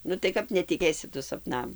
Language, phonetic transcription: Lithuanian, ˈnu tai ˈkap netiˈkėsi ˈtu sapˈnam

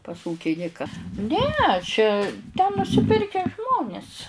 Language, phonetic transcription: Lithuanian, pas ˈūkinika ˈne čia ten nusiˈpirke ˈžmonis

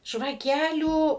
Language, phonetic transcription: Lithuanian, žvaˈkelių

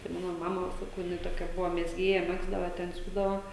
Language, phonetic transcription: Lithuanian, tai ˈmano ˈmama saˈkau jiˈnai toˈkia ˈbuvo mezˈgėja ˈmegzdava ten ˈsiūdava

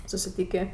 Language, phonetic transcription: Lithuanian, susiˈtykė

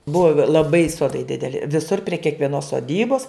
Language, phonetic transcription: Lithuanian, ˈbuvo laˈbai ˈsodai dideˈli viˈsur prie kiekvieˈnos soˈdybos

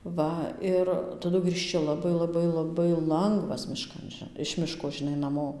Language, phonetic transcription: Lithuanian, ˈva ˈir taˈdu grįžˈči laˈbai laˈbai laˈbai ˈlangvas miˈškan ži iš ˈmiško žiˈnai naˈmo

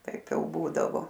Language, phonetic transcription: Lithuanian, ˈtaip ˈjau ˈbūdavo

